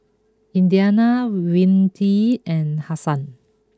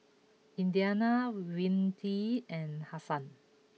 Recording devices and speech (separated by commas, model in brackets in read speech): close-talking microphone (WH20), mobile phone (iPhone 6), read sentence